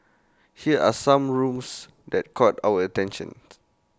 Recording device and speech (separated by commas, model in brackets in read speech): close-talking microphone (WH20), read sentence